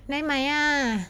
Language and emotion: Thai, happy